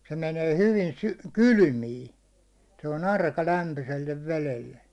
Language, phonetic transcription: Finnish, se menee 'hyvi sy- , "kylʸmiin̬ , se on 'arka 'lämpysellev 'velelle .
- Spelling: se menee hyvin - kylmiin se on arka lämpöiselle vedelle

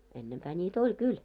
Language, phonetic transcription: Finnish, ennempää ńii't ‿oĺ 'kyl .
- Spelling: ennempää niitä oli kyllä

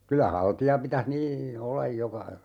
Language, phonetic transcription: Finnish, 'kylä "halti₍a 'pitäh nii , "ollaj 'joka , .
- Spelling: kyllä haltia pitäisi niin olla joka

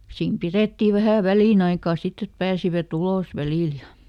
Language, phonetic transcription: Finnish, siim ˈpirèttì ˈvähä̀ "välìnaikà ˈsitt ‿et ˈpääsivät ˈulòs ˈvälìl ja ,.
- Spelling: siinä pidettiin vähän väliaikaa sitten että pääsivät ulos välillä ja

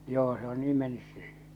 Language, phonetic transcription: Finnish, joo se ‿o 'nii mennys se .
- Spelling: joo se on niin mennyt se

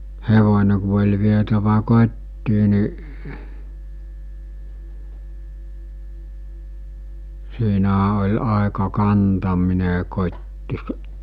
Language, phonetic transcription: Finnish, 'hevońe ku oĺ vietävä 'kot́tii ni , 'siinähä oĺ 'àeka 'kantamine kot́ti̳ s- ,.
- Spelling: hevonen kun oli vietävä kotiin niin siinähän oli aika kantaminen kotiin -

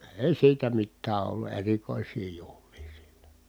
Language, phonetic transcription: Finnish, èi siitä mittää ollu erikòis̀ii juhlii sillÄ .
- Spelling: ei siitä mitään ollut erikoisia juhlia sillä

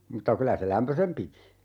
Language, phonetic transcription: Finnish, 'mutta 'kylä se "lämpösem piti .
- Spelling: mutta kyllä se lämpöisen piti

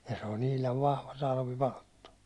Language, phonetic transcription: Finnish, ja se o'n ‿ihlav 'vahva 'talvi"palttu .
- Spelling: ja se on ihan vahva talvipalttoo

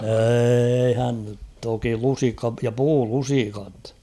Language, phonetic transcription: Finnish, 'êihän nyt 'toki 'lusikka - ja "puu'lusikat .
- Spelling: eihän nyt toki lusikka - ja puulusikat

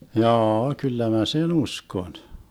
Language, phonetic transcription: Finnish, 'jaa₍a 'kyllä mä "sen 'uskon .
- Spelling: jaa kyllä minä sen uskon

